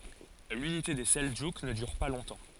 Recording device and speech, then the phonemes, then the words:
forehead accelerometer, read sentence
lynite de sɛldʒuk nə dyʁ pa lɔ̃tɑ̃
L'unité des Seldjouks ne dure pas longtemps.

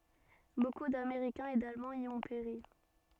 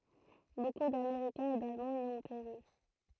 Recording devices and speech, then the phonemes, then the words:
soft in-ear microphone, throat microphone, read sentence
boku dameʁikɛ̃z e dalmɑ̃z i ɔ̃ peʁi
Beaucoup d'Américains et d'Allemands y ont péri.

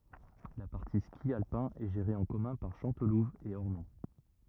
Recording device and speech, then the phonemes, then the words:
rigid in-ear microphone, read sentence
la paʁti ski alpɛ̃ ɛ ʒeʁe ɑ̃ kɔmœ̃ paʁ ʃɑ̃tluv e ɔʁnɔ̃
La partie ski alpin est gérée en commun par Chantelouve et Ornon.

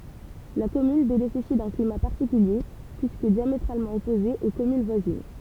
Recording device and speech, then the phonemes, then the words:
temple vibration pickup, read sentence
la kɔmyn benefisi dœ̃ klima paʁtikylje pyiskə djametʁalmɑ̃ ɔpoze o kɔmyn vwazin
La commune bénéficie d’un climat particulier puisque diamétralement opposé aux communes voisines.

